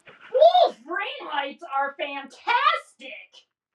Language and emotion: English, disgusted